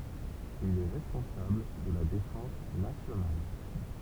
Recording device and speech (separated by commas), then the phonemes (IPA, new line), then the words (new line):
temple vibration pickup, read sentence
il ɛ ʁɛspɔ̃sabl də la defɑ̃s nasjonal
Il est responsable de la défense nationale.